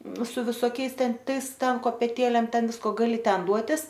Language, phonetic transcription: Lithuanian, su visoˈkiais ˈten ˈtais ˈten kopeˈtėlėm ˈten ˈvisko gaˈli ˈten ˈduotis

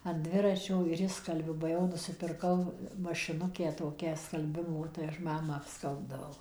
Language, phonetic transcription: Lithuanian, an ˈdviračio ir ˈišskalbiu ba ˈjau nusipirˈkau mašiˈnukę toˈkią skalˈbimo tai ˈaš ˈmamą apˈskalbdavau

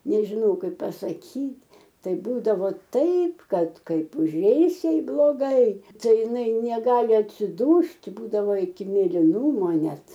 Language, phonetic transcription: Lithuanian, nežiˈnau ˈkaip pasaˈkyt' ˈtai ˈbūdavo ˈtaip ˈkad ˈkaip uˈžeis ˈjai bloˈgai ˈtai iˈnai neˈgali atsiˈdūst' ˈbūdavo iki mėliˈnumo ˈnet

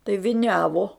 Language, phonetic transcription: Lithuanian, tai viˈniavo

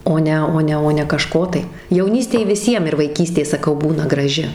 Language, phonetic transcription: Lithuanian, ˈo ne ˈo ne ˈo ne kaˈžko tai jauˈnystėj viˈsiem ir vaiˈkystė saˈkau ˈbūna graˈži

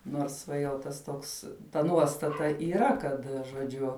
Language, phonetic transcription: Lithuanian, nors ˈva jau ˈtas ˈtoks ta ˈnuostata yˈra ˈkad žoˈdžiu

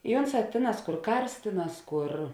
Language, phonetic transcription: Lithuanian, i ˈonˌsā ˈtėˌnās ˈkur ˈkars ˈtėˌnās ˈkur

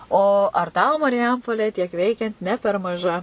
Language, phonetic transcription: Lithuanian, o ar ˈtau mariˈjampolė tiek ˈveikiant ne per maˈža

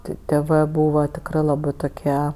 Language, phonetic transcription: Lithuanian, ˈti tėˈvɜ ˈbūva tikˈrɜ laˈbɜ toˈkie

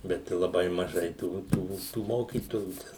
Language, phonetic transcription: Lithuanian, ˈbet i laˈbai maˈžai ˈtų ˈtų tų ˈmokytojų ˈten

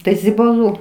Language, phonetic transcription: Lithuanian, ˈtai zibaˈlų

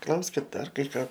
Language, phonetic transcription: Lithuanian, ˈklauskit ˈdar ˈkai ˈką

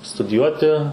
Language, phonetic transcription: Lithuanian, studiˈjuoti

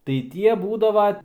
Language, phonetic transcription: Lithuanian, tai ˈtie ˈbūdava

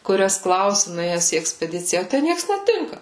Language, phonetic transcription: Lithuanian, kuˈrias ˈklausi nuˈėjes į ekspeˈdicija o ˈtæ ˈnieks neˈtinka

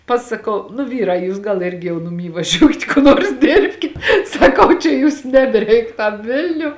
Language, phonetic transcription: Lithuanian, pasaˈkau nu ˈvyrā ˈjūs gal ˈirgi jau nuˈmy vaˈžiūkit ku ˈnuors ˈdėrbkit saˈkau čia ˈjūs nebeˈreik tam ˈvilniu

